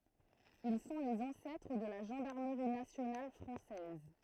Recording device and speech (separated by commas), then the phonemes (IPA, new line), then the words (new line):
throat microphone, read sentence
il sɔ̃ lez ɑ̃sɛtʁ də la ʒɑ̃daʁməʁi nasjonal fʁɑ̃sɛz
Ils sont les ancêtres de la gendarmerie nationale française.